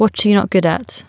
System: none